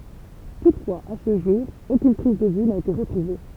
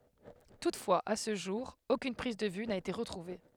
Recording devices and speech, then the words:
temple vibration pickup, headset microphone, read sentence
Toutefois, à ce jour, aucune prise de vue n'a été retrouvée.

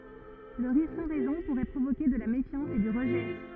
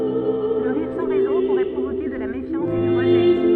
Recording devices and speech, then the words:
rigid in-ear microphone, soft in-ear microphone, read sentence
Le rire sans raison pourrait provoquer de la méfiance et du rejet.

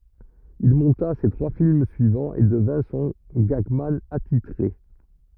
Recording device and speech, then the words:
rigid in-ear microphone, read sentence
Il monta ses trois films suivants, et devint son gagman attitré.

